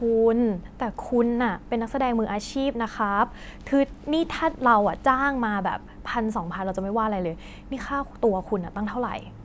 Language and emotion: Thai, frustrated